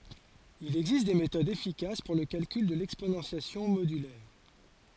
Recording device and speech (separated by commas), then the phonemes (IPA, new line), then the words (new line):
forehead accelerometer, read sentence
il ɛɡzist de metodz efikas puʁ lə kalkyl də lɛksponɑ̃sjasjɔ̃ modylɛʁ
Il existe des méthodes efficaces pour le calcul de l'exponentiation modulaire.